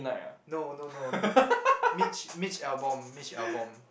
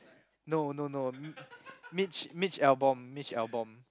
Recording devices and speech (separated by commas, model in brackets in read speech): boundary microphone, close-talking microphone, conversation in the same room